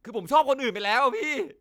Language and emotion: Thai, sad